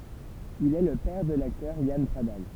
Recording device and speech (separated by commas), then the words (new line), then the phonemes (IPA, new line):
temple vibration pickup, read sentence
Il est le père de l'acteur Yann Pradal.
il ɛ lə pɛʁ də laktœʁ jan pʁadal